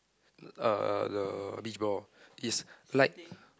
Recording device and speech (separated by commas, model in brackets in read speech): close-talking microphone, conversation in the same room